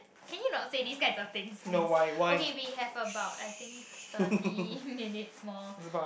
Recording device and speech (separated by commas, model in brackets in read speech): boundary microphone, conversation in the same room